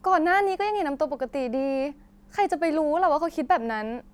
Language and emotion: Thai, frustrated